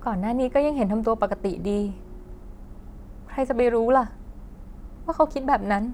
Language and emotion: Thai, sad